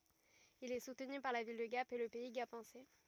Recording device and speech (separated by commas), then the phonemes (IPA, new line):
rigid in-ear microphone, read sentence
il ɛ sutny paʁ la vil də ɡap e lə pɛi ɡapɑ̃sɛ